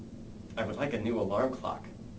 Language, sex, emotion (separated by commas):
English, male, neutral